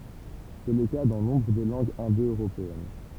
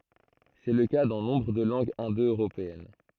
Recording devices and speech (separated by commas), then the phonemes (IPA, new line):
temple vibration pickup, throat microphone, read sentence
sɛ lə ka dɑ̃ nɔ̃bʁ də lɑ̃ɡz ɛ̃do øʁopeɛn